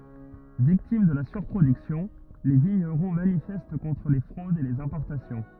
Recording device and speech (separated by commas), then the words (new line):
rigid in-ear microphone, read sentence
Victimes de la surproduction, les vignerons manifestent contre les fraudes et les importations.